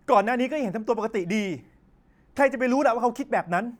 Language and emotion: Thai, angry